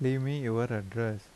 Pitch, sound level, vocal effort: 115 Hz, 81 dB SPL, soft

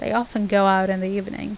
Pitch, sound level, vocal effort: 200 Hz, 83 dB SPL, normal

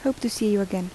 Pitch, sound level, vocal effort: 215 Hz, 77 dB SPL, soft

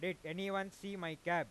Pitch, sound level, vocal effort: 180 Hz, 98 dB SPL, very loud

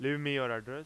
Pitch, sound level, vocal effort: 135 Hz, 96 dB SPL, loud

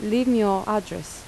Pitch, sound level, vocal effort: 210 Hz, 82 dB SPL, normal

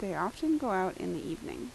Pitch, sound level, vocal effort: 190 Hz, 80 dB SPL, soft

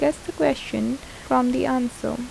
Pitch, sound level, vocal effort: 250 Hz, 78 dB SPL, soft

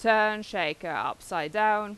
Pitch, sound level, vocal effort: 215 Hz, 93 dB SPL, very loud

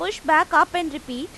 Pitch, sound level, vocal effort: 315 Hz, 95 dB SPL, loud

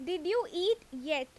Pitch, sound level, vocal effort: 360 Hz, 90 dB SPL, very loud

